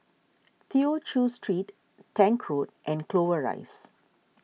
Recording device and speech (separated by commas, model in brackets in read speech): mobile phone (iPhone 6), read sentence